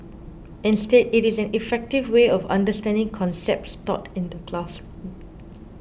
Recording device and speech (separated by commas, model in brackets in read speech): boundary microphone (BM630), read sentence